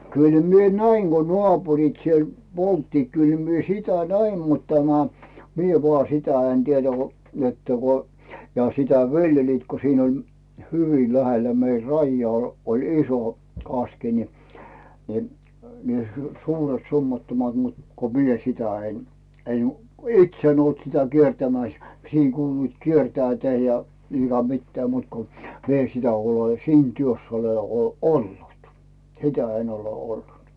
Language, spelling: Finnish, kyllä minä näin kun naapurit siellä polttivat kyllä minä sitä näin mutta tämä minä vain sitä en tiedä kun että kun ja sitä viljelivät kun siinä oli hyvin lähellä meidän rajaa oli iso kaski niin niin niin suuret summattomat mutta kun minä sitä en en itse en ollut sitä kiertämässä siinä kuuluivat kiertävän ja niin - mitään muuta kuin minä en sitä ole siinä työssä ole ole ollut sitä en ole ollut
- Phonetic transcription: 'kyl mie "näiŋ Go 'noàpurit siel 'polttiit 'kyl mie 'sitä "näim mut tämä , mie vᵒà 'sitä en "tieDä̳ ko , että ko , ja 'sitä "vi̬ljeliit ko siin ‿oĺ , 'hyvi lähellä mei "raijjᵒaa oĺ 'iso , 'kaski ni , ni , ni 'suuret 'summattomat mut , ko "mie 'sitä en , en , "its ‿en ‿olt sitä 'kiertämä̀s , 'sìŋ kuuluit "kiertäätä ja , niiŋ ka- 'mittää muut ko , 'mi ‿en sitä ole "siin työss ‿ole ol 'ollut , "sitä en ‿ole 'ollut .

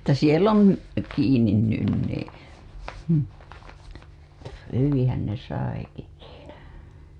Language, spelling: Finnish, että siellä on kiinni nyt niin - hyvinhän ne saikin siinä
- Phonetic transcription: että 'siel ‿on , kiinin nyn nii , (hʸmh) hyviḭhän ne 'saiki (siinä) .

